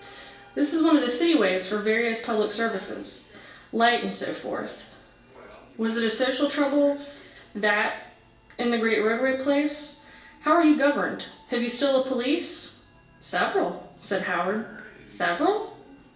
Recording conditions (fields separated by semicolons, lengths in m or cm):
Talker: one person; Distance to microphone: 1.8 m; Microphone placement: close; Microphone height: 1.0 m; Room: large; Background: television